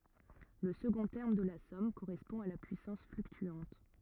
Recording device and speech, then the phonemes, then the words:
rigid in-ear microphone, read sentence
lə səɡɔ̃ tɛʁm də la sɔm koʁɛspɔ̃ a la pyisɑ̃s flyktyɑ̃t
Le second terme de la somme correspond à la puissance fluctuante.

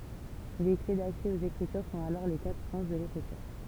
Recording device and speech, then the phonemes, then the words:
temple vibration pickup, read sentence
le kle daksɛ oz ekʁityʁ sɔ̃t alɔʁ le katʁ sɑ̃s də lekʁityʁ
Les clés d'accès aux Écritures sont alors les quatre sens de l'Écriture.

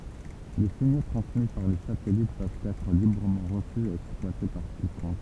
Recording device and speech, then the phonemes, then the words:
temple vibration pickup, read sentence
le siɲo tʁɑ̃smi paʁ le satɛlit pøvt ɛtʁ libʁəmɑ̃ ʁəsy e ɛksplwate paʁ kikɔ̃k
Les signaux transmis par les satellites peuvent être librement reçus et exploités par quiconque.

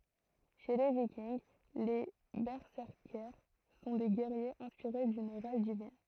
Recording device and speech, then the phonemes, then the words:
throat microphone, read sentence
ʃe le vikinɡ le bɛsɛʁkɛʁs sɔ̃ de ɡɛʁjez ɛ̃spiʁe dyn ʁaʒ divin
Chez les Vikings, les Berserkers sont des guerriers inspirés d'une rage divine.

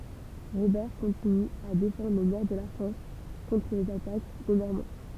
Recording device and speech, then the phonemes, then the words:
temple vibration pickup, read sentence
ʁobɛʁ kɔ̃tiny a defɑ̃dʁ lə nɔʁ də la fʁɑ̃s kɔ̃tʁ lez atak de nɔʁmɑ̃
Robert continue à défendre le Nord de la France contre les attaques des Normands.

